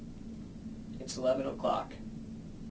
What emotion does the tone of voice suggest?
neutral